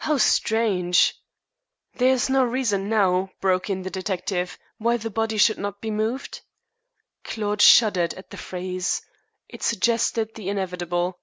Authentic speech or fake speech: authentic